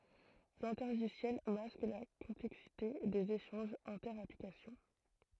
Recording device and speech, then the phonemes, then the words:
throat microphone, read sentence
lɛ̃tɛʁʒisjɛl mask la kɔ̃plɛksite dez eʃɑ̃ʒz ɛ̃tɛʁ aplikasjɔ̃
L'intergiciel masque la complexité des échanges inter-applications.

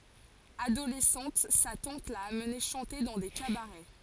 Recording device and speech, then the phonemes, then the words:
forehead accelerometer, read sentence
adolɛsɑ̃t sa tɑ̃t la amne ʃɑ̃te dɑ̃ de kabaʁɛ
Adolescente, sa tante l'a amené chanter dans des cabarets.

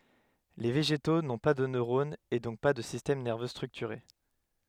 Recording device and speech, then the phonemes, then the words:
headset microphone, read sentence
le veʒeto nɔ̃ pa də nøʁonz e dɔ̃k pa də sistɛm nɛʁvø stʁyktyʁe
Les végétaux n’ont pas de neurones et donc pas de système nerveux structuré.

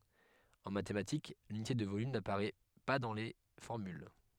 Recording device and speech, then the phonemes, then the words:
headset microphone, read sentence
ɑ̃ matematik lynite də volym napaʁɛ pa dɑ̃ le fɔʁmyl
En mathématiques, l'unité de volume n'apparaît pas dans les formules.

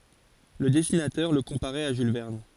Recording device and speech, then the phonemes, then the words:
forehead accelerometer, read sentence
lə dɛsinatœʁ lə kɔ̃paʁɛt a ʒyl vɛʁn
Le dessinateur le comparait à Jules Verne.

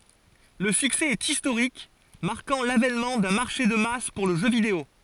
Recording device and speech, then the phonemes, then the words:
forehead accelerometer, read sentence
lə syksɛ ɛt istoʁik maʁkɑ̃ lavɛnmɑ̃ dœ̃ maʁʃe də mas puʁ lə ʒø video
Le succès est historique, marquant l’avènement d’un marché de masse pour le jeu vidéo.

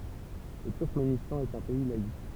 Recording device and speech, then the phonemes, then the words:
temple vibration pickup, read sentence
lə tyʁkmenistɑ̃ ɛt œ̃ pɛi laik
Le Turkménistan est un pays laïc.

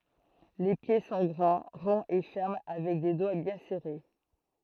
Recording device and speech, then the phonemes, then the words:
throat microphone, read sentence
le pje sɔ̃ ɡʁɑ̃ ʁɔ̃z e fɛʁm avɛk de dwa bjɛ̃ sɛʁe
Les pieds sont grands, ronds et fermes avec des doigts bien serrés.

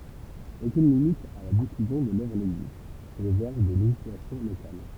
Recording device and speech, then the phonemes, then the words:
temple vibration pickup, read sentence
okyn limit a la difyzjɔ̃ də lœvʁ nɛɡzist su ʁezɛʁv de leʒislasjɔ̃ lokal
Aucune limite à la diffusion de l'œuvre n'existe, sous réserve des législations locales.

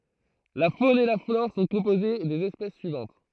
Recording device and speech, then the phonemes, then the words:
throat microphone, read sentence
la fon e la flɔʁ sɔ̃ kɔ̃poze dez ɛspɛs syivɑ̃t
La faune et la flore sont composées des espèces suivantes.

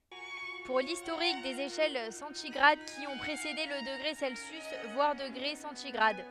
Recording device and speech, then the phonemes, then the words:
headset microphone, read sentence
puʁ listoʁik dez eʃɛl sɑ̃tiɡʁad ki ɔ̃ pʁesede lə dəɡʁe sɛlsjys vwaʁ dəɡʁe sɑ̃tiɡʁad
Pour l’historique des échelles centigrades qui ont précédé le degré Celsius, voir degré centigrade.

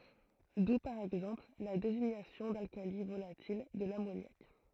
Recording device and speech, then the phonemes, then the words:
throat microphone, read sentence
du paʁ ɛɡzɑ̃pl la deziɲasjɔ̃ dalkali volatil də lamonjak
D'où par exemple la désignation d'alcali volatil de l'ammoniaque.

